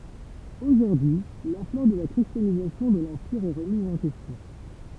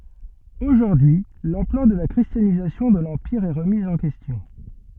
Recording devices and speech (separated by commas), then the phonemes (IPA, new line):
temple vibration pickup, soft in-ear microphone, read sentence
oʒuʁdyi y lɑ̃plœʁ də la kʁistjanizasjɔ̃ də lɑ̃piʁ ɛ ʁəmiz ɑ̃ kɛstjɔ̃